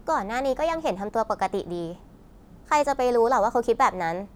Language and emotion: Thai, frustrated